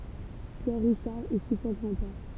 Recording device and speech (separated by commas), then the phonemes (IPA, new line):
temple vibration pickup, read sentence
pjɛʁ ʁiʃaʁ ɛ si fwa ɡʁɑ̃dpɛʁ